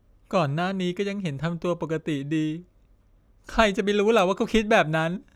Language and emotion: Thai, sad